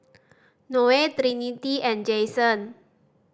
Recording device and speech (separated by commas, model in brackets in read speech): standing microphone (AKG C214), read sentence